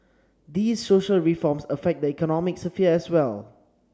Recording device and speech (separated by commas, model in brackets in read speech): standing microphone (AKG C214), read sentence